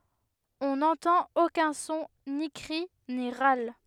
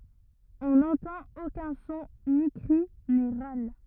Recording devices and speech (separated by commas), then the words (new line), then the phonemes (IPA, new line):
headset microphone, rigid in-ear microphone, read sentence
On n'entend aucun son, ni cri, ni râle.
ɔ̃ nɑ̃tɑ̃t okœ̃ sɔ̃ ni kʁi ni ʁal